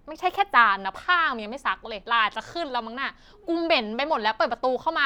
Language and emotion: Thai, angry